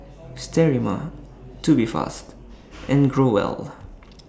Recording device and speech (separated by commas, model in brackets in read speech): standing microphone (AKG C214), read sentence